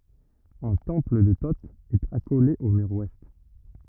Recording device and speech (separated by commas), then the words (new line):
rigid in-ear microphone, read sentence
Un temple de Thot est accolé au mur ouest.